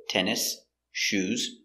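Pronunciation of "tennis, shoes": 'Tennis' and 'shoes' are said separately, not linked together, so the s at the end of 'tennis' is heard.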